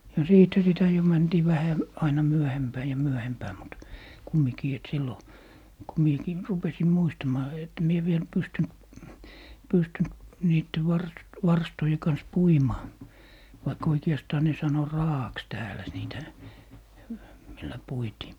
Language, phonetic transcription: Finnish, ja 'siithä sitä jo 'mäntii vähä , 'aina "myöhempää ja "myöhempää mut , 'kummikii et 'sillo , ko 'miekii 'rupesim 'muistamaa et , mie viel 'pystynt , 'pystynt 'niitte 'var - 'varstoje kans "puimaa , vaik 'oike₍astaa ne 'sano "raa₍aks 'täälä 'niitä , millä 'puitii .
- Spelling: ja siitähän sitä jo mentiin vähän aina myöhempään ja myöhempään mutta kumminkin että silloin kun minäkin rupesin muistamaan että minä vielä pystynyt pystynyt niiden - varstojen kanssa puimaan vaikka oikeastaan ne sanoi raa'aksi täällä niitä millä puitiin

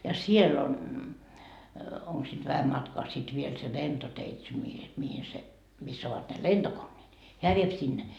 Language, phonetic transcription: Finnish, ja 'siell ‿on , 'oŋk siit 'vähäm matkaa sit viel se 'lentoteitse mihi , mihi se , miss ‿ovat ne "lentokonneet , "heä viep 'sinne .
- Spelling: ja siellä on onko siitä vähän matkaa sitten vielä se lentoteitse mihin mihin se missä ovat ne lentokoneet hän vie sinne

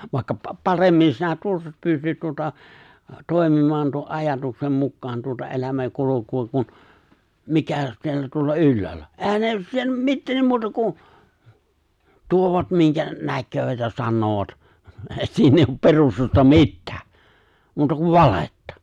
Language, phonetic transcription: Finnish, vàekka 'pa- 'paremmin sinä 'tuossa pystyt tuota , 'tòemim̀aan tuo’ '’ajatuksem mukkaan tuota '’elämäŋ'kuloku₍a kun , 'mikä siellä tuolla 'ylläällä , 'ehän ne 'si- "mittee 'ne "muuta 'ku , 'tuovat 'miŋkä , 'näkköövät ja 'sannoovat , 'èi 'siin ‿eijj ‿op 'perustusta "mittᴀ̈ᴀ̈ , 'muuta kuv "valettᴀ .
- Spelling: vaikka - paremmin sinä tuossa pystyt tuota toimimaan tuon ajatuksen mukaan tuota elämänkulkua kuin mikä siellä tuolla ylhäällä eihän ne - mitä ne muuta kuin tuovat minkä näkevät ja sanovat ei siinä ei ole perustusta mitään muuta kuin valhetta

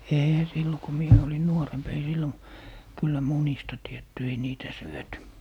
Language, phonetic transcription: Finnish, 'èihä 'sillo ku 'mie olin "nuoremp ei "sillo(n) , 'kyllä "munista 'tietty ei "niitä 'syöty .
- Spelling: eihän silloin kun minä olin nuorempi ei silloin kyllä munista tiedetty ei niitä syöty

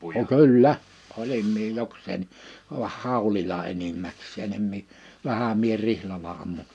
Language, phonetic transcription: Finnish, [n]o "kyl"lä , 'olim mie 'joks̀eenni , vah "hàu̬lila 'enimmäks̆seen ‿em mì , 'vähä mie 'rihlala ammu .
- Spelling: no kyllä olin minä jokseenkin vaan haulilla enimmäkseen en minä vähän minä rihlalla ammuin

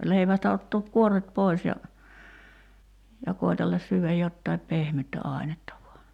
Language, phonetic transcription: Finnish, 'leivästä ottook "kuor̆ret 'poi̬s ja , ja 'koitellas syyväj 'jottaip "pehmyttä 'ài̬netta vua .
- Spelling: leivästä ottaa kuoret pois ja ja koetella syödä jotakin pehmeätä ainetta vain

